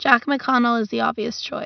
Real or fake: real